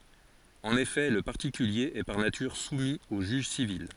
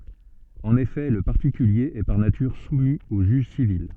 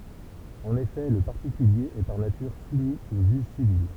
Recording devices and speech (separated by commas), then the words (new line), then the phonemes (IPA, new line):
forehead accelerometer, soft in-ear microphone, temple vibration pickup, read sentence
En effet, le particulier est par nature soumis au juge civil.
ɑ̃n efɛ lə paʁtikylje ɛ paʁ natyʁ sumi o ʒyʒ sivil